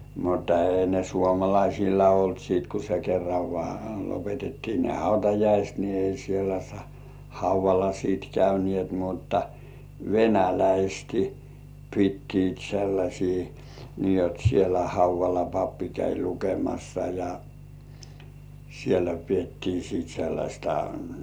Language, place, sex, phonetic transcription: Finnish, Kurkijoki, male, mutta 'ei ne "suomalaisilla olt siit ku se kerrav vŏà 'lopetettii ne "hautajaist ni ei sielä , "hauv̆valla siit 'käynĭèt mutta , "venäläisti 'pittiit sellaśii , nii jot sielä "hauv̆valla 'pappi käi 'lukemassa ja , sielä "piettii siit 'sellaśta .
- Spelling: mutta ei ne suomalaisilla ollut sitten kun se kerran vain lopetettiin ne hautajaiset niin ei siellä haudalla sitten käyneet mutta venäläiset pitivät sellaisia niin jotta siellä haudalla pappi kävi lukemassa ja siellä pidettiin sitten sellaista

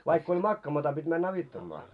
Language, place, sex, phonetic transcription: Finnish, Moloskovitsa, male, vaikk ‿oĺ 'makkaamata pit́ män'n ‿avittammaa .
- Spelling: vaikka oli makaamatta piti mennä auttamaan

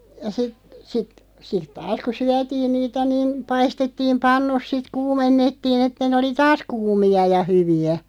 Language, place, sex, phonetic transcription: Finnish, Loppi, female, ja sit , sit sit 'taas ku "syätiin niitä niin , 'paistettiim "pannus sit "kuumennettiin ‿että nᵉ oli "taas 'kuumi₍a ja 'hyvi₍ä .
- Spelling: ja sitten sitten sitten taas kun syötiin niitä niin paistettiin pannut sitten kuumennettiin että ne oli taas kuumia ja hyviä

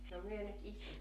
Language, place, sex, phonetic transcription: Finnish, Joutsa, female, no 'myö nyt 'istutaa - -
- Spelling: no me nyt istutaan

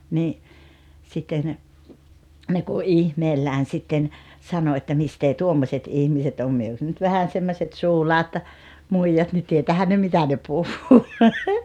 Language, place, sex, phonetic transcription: Finnish, Rautalampi, female, nii , 'sitten , ne ku "’ihmeellään 'sitten , 'sano että » 'mistee "tuommośet 'ihmiset om « 'myö jos nyt 'vähän semmoset "suulaat , "muijat ni 'tietäähän ne "mitä ne 'puhhuu .
- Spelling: niin sitten ne kun ihmeellään sitten sanoi että mistä tuommoiset ihmiset on me jos nyt vähän semmoiset suulaat muijat niin tietäähän ne mitä ne puhuu

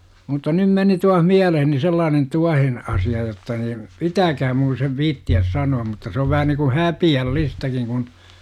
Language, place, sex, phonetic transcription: Finnish, Jurva, male, mutta 'nym meni tuah "miäleheni sellaanen "tuahen , 'asi₍a jotta niim , "pitääkhäm mun sev 'viitti₍äs 'sanu₍am mutta se ov vähä niŋku "häpi₍äl'listäkiŋ kun ,.
- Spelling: mutta nyt meni taas mieleeni sellainen tuohen asia jotta niin pitää minun sen viitsiä sanoa mutta se on vähän niin kuin häpeällistäkin kun

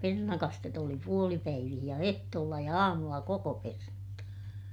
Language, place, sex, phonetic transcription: Finnish, Ilmajoki, female, pernakastet ‿oli puolipäivih ja ehtoolla ja aamulla kokopernat .
- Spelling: perunakastetta oli puolipäivissä ja ehtoolla ja aamulla kokoperunat

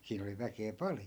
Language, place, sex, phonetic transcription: Finnish, Askola, male, 'siin ‿oli 'väkee "pal(jo) .
- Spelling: siinä oli väkeä paljon

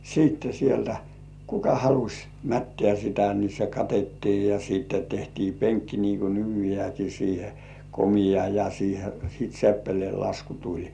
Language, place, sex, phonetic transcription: Finnish, Kurkijoki, male, siitte sieltä , "kuka haluś , 'mättĕä̀ sitä ni se "katettii ja 'siitte tehtii "peŋkki nii ku 'nykyjĕä̀ki siihe , "komija ja siihe sìt 'seppelĭèllasku "tuĺ .
- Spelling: sitten sieltä kuka halusi mättää sitä niin se katettiin ja sitten tehtiin penkki niin kuin nykyäänkin siihen komea ja siihen sitten seppeleenlasku tuli

